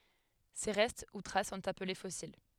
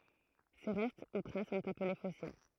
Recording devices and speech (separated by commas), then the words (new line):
headset microphone, throat microphone, read sentence
Ces restes ou traces sont appelés fossiles.